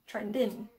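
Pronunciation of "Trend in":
In 'trend in', the d of 'trend' is pronounced.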